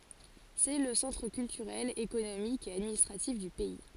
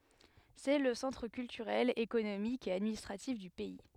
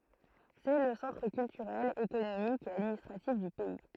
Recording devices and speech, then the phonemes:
forehead accelerometer, headset microphone, throat microphone, read sentence
sɛ lə sɑ̃tʁ kyltyʁɛl ekonomik e administʁatif dy pɛi

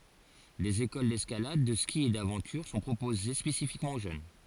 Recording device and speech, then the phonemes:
forehead accelerometer, read sentence
dez ekol dɛskalad də ski e davɑ̃tyʁ sɔ̃ pʁopoze spesifikmɑ̃ o ʒøn

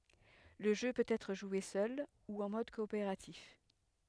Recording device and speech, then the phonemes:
headset microphone, read sentence
lə ʒø pøt ɛtʁ ʒwe sœl u ɑ̃ mɔd kɔopeʁatif

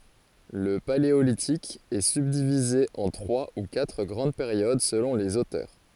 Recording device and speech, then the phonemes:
forehead accelerometer, read sentence
lə paleolitik ɛ sybdivize ɑ̃ tʁwa u katʁ ɡʁɑ̃d peʁjod səlɔ̃ lez otœʁ

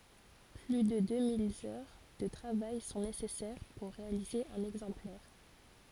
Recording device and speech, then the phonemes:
forehead accelerometer, read sentence
ply də dø mil œʁ də tʁavaj sɔ̃ nesɛsɛʁ puʁ ʁealize œ̃n ɛɡzɑ̃plɛʁ

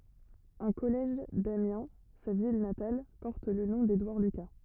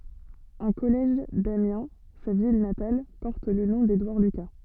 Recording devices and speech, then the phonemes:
rigid in-ear microphone, soft in-ear microphone, read sentence
œ̃ kɔlɛʒ damjɛ̃ sa vil natal pɔʁt lə nɔ̃ dedwaʁ lyka

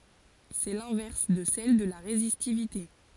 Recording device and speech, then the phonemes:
forehead accelerometer, read sentence
sɛ lɛ̃vɛʁs də sɛl də la ʁezistivite

